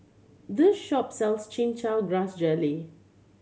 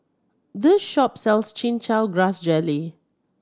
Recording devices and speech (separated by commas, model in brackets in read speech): mobile phone (Samsung C7100), standing microphone (AKG C214), read sentence